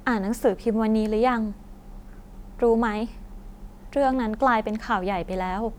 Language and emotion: Thai, frustrated